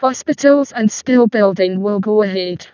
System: VC, vocoder